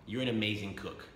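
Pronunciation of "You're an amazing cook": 'You're an amazing cook' is said with the intonation of a declaration, not as a question, a surprise or a doubt.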